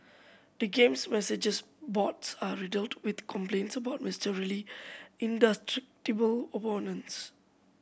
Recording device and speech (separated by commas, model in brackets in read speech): boundary microphone (BM630), read sentence